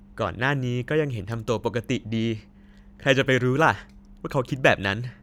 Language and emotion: Thai, neutral